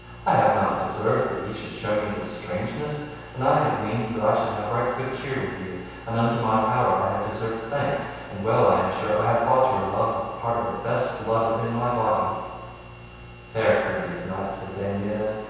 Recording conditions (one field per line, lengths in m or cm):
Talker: one person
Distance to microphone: 7.1 m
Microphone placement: far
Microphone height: 1.7 m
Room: very reverberant, large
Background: none